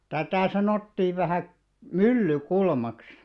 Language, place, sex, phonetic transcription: Finnish, Alastaro, male, 'tätä̀ 'sanottiiv vähä̀ , "myllykulmaks .
- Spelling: tätä sanottiin vähän Myllykulmaksi

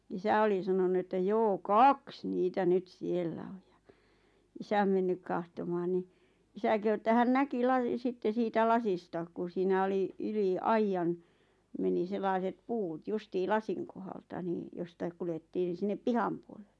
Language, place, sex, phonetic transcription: Finnish, Lappajärvi, female, isä oli sanonu että 'joo "kaks 'niitä nyt 'siellä oj ᴊᴀ , 'isäm mennyk kahtomaan ni , 'isä kehu että 'hän "näki 'laˢⁱˉ 'sitte 'siitä "lasista ku siinä 'oli , 'yli , "aijjan , 'meni 'sellàⁱset "puut 'justii "lasiŋ kohalta nii 'jostaik kulettiin ⁿⁱ 'sinnep "piham puoleʟʟᴇ .
- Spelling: isä oli sanonut että joo kaksi niitä nyt siellä on ja isä mennyt katsomaan niin isä kehui että hän näki - sitten siitä lasista kun siinä oli yli aidan meni sellaiset puut justiin lasin kohdalta niin jostakin kuljettiin no sinne pihan puolelle

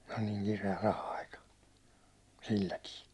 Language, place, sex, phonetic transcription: Finnish, Hollola, male, oĺ niiŋ kire₍ä 'raha₍aika , silläkii .
- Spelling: oli niin kireä raha-aika silläkin

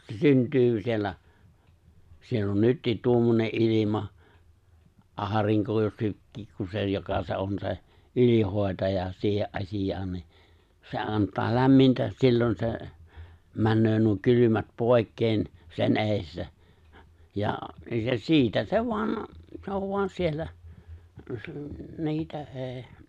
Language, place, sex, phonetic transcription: Finnish, Lapinlahti, male, se 'synt̀yy siellä , 'siell ‿on "nyttiit 'tuommone’ '’ilima , '’aariŋko jo 'sykki- ku 'se joka on 'se , 'ylihòetaja , 'siihe’ ’asijaan ni , se 'ant̀aa 'lämmintä , 'sillon se , 'männöö nuo 'kylymät 'pòi̬kkeen , sen '’eeⁱstä , ja se 'siitä se 'voan , 'se ov 'voan 'siellä , se ‿l- , 'niitä '’e̬e̬ ,.
- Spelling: se syntyy siellä siellä on nytkin tuommoinen ilma aurinko jo - kun se joka on se ylihoitaja siihen asiaan niin se antaa lämmintä silloin se menee nuo kylmät pois sen edestä ja se siitä se vain se on vain siellä se - niitä ei

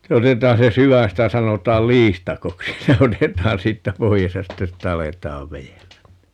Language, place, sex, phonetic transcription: Finnish, Paavola, male, (sitte) 'otet̀aan se "sy₍än - 'sitä 'sanot̀aal "liistakoksi - 'se 'otet̀aan 'siittä "poi₍es ja 'ste 'si"t ‿alet̀aav 'vejellän ni .
- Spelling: sitten otetaan se sydän sitä sanotaan liistakoksi se otetaan siitä pois ja sitten siitä aletaan vedellä niin

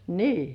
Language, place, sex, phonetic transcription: Finnish, Kurkijoki, female, nii .
- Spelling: niin

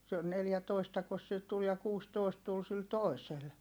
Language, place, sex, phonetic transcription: Finnish, Heinola, female, se - neljätoistakos sil tul ja kuustòist tul sil tòisel .
- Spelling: se neljätoistakos sillä tuli ja kuusitoista tuli sillä toisella

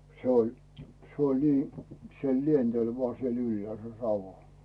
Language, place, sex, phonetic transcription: Finnish, Rautu, male, 'se ‿oĺ , 'se ‿oĺ nii , se "lientel vᵒaa siel 'yllᵉä̀l 'savo .
- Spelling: se oli se oli niin se lenteli vain siellä ylhäällä savu

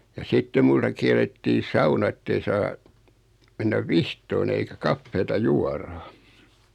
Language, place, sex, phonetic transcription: Finnish, Noormarkku, male, ja 'sitte multa 'kiɛl̆lettii "sauna ᵉttei 'saa , mennäv "vihtoon ‿eikä "kaffeeta "juara .
- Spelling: ja sitten minulta kiellettiin sauna että ei saa mennä vihtomaan eikä kahvia juoda

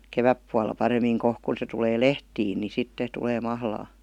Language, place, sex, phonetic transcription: Finnish, Vihti, female, 'keväppualla 'parem̆miiŋ 'kohk kun̬ se tulee "lehtiin ni 'sitte tulee 'mahlaa .
- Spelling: kevätpuolella paremmin kohta kun se tulee lehtiin niin sitten tulee mahlaa

